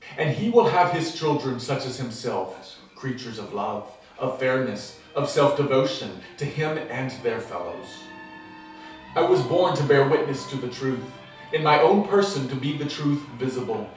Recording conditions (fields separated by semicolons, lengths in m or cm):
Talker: one person; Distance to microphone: 3.0 m; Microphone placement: far; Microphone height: 1.8 m; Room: small (3.7 m by 2.7 m); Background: television